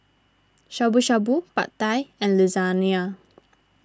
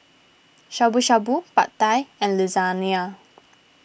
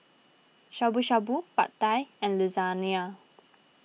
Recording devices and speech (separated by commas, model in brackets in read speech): standing microphone (AKG C214), boundary microphone (BM630), mobile phone (iPhone 6), read sentence